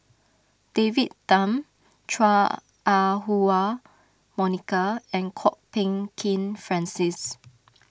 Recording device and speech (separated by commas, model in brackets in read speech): standing microphone (AKG C214), read sentence